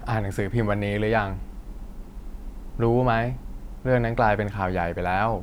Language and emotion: Thai, frustrated